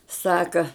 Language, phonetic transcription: Lithuanian, ˈsaka

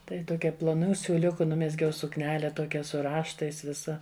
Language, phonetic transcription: Lithuanian, ˈtai toˈkia ploˈnų siūˈliuku ˈnumezgiau sukˈnele ˈtokia su ˈraštais ˈvisa

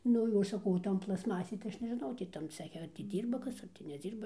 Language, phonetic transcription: Lithuanian, ˈnu o saˈkau o ˈton plasˈmasėj tai ˈaš nežiˈnau ˈtį tam ˈceche ar tį ˈdyrba ˈkas ˌar ti neˈdzyrba

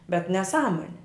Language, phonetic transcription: Lithuanian, bet neˈsąmoni

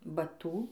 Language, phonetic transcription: Lithuanian, baˈtū

